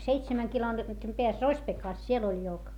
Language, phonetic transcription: Finnish, seitsemäŋ kilometrim peäs Rośpekàs siel ‿oĺ jok .
- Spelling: seitsemän kilometrin päässä Rospekassa siellä oli joki

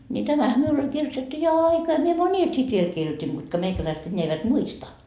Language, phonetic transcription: Finnish, ńi 'tämähä miul ‿oĺ 'kirjotettu jo "aikaa mie "mońil sit viel 'kirjot́in kutka 'meikäläiset eńńeä eivät "muista .
- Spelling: niin tämähän minulla oli kirjoitettu jo aikaa minä monille sitten vielä kirjoitin ketkä meikäläiset enää eivät muista

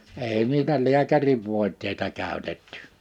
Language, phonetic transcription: Finnish, 'èi niitä "liäkäriv 'vòiteita 'kä̀ötettʏ .
- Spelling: ei niitä lääkärin voiteita käytetty

